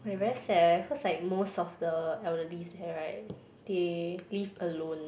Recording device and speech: boundary microphone, conversation in the same room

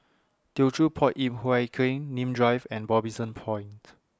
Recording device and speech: standing microphone (AKG C214), read sentence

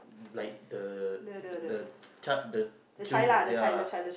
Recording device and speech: boundary microphone, conversation in the same room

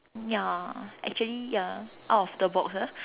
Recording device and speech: telephone, conversation in separate rooms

